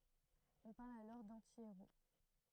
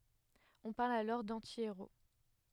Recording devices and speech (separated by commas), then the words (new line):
throat microphone, headset microphone, read sentence
On parle alors d'anti-héros.